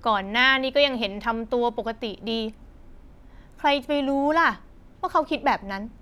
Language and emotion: Thai, frustrated